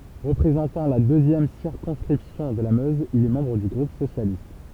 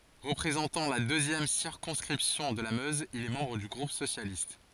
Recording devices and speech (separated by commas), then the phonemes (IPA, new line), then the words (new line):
temple vibration pickup, forehead accelerometer, read sentence
ʁəpʁezɑ̃tɑ̃ la døzjɛm siʁkɔ̃skʁipsjɔ̃ də la møz il ɛ mɑ̃bʁ dy ɡʁup sosjalist
Représentant la deuxième circonscription de la Meuse, il est membre du groupe socialiste.